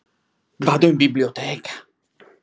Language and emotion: Italian, surprised